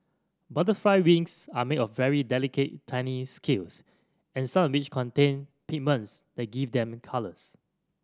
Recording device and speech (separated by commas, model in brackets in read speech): standing microphone (AKG C214), read sentence